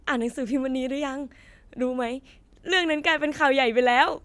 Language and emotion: Thai, happy